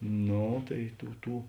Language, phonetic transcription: Lithuanian, ˈno tai ˈtų ˈtų

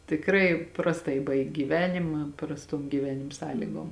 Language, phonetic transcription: Lithuanian, tikˈrai prasˈtai ˈbaig' gyˈvenima prasˈtom gyˈvenim ˈsąlygom

